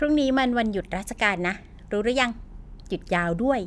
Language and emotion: Thai, happy